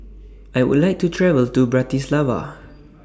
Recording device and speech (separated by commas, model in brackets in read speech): standing microphone (AKG C214), read sentence